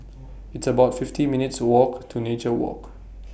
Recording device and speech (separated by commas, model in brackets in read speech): boundary microphone (BM630), read sentence